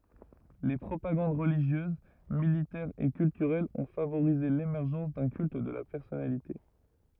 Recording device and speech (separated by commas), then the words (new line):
rigid in-ear microphone, read sentence
Les propagandes religieuse, militaire et culturelle ont favorisé l'émergence d'un culte de la personnalité.